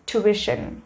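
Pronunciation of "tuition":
'Tuition' is pronounced correctly here.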